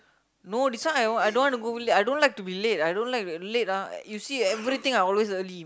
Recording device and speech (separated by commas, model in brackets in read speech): close-talking microphone, conversation in the same room